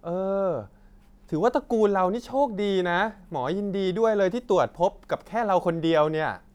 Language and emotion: Thai, happy